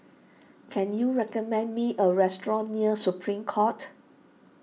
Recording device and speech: mobile phone (iPhone 6), read sentence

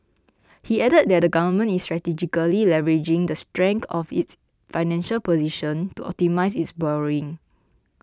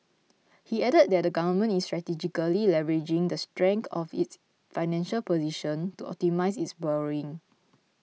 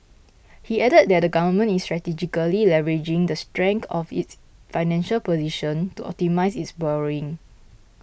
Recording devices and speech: close-talking microphone (WH20), mobile phone (iPhone 6), boundary microphone (BM630), read sentence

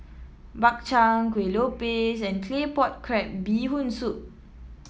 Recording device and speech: mobile phone (iPhone 7), read sentence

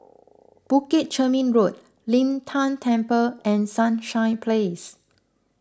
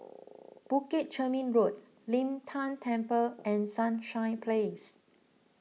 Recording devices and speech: close-talking microphone (WH20), mobile phone (iPhone 6), read sentence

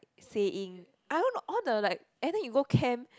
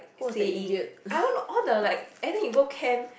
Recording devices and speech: close-talking microphone, boundary microphone, conversation in the same room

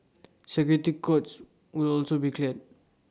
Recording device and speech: standing microphone (AKG C214), read sentence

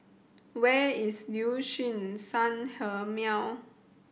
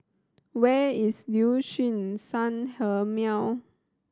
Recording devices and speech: boundary microphone (BM630), standing microphone (AKG C214), read sentence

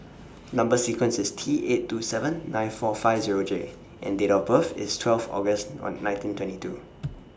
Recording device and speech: standing microphone (AKG C214), read sentence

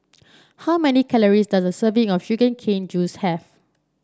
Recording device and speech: standing microphone (AKG C214), read sentence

